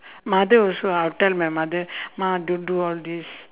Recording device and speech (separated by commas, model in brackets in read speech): telephone, conversation in separate rooms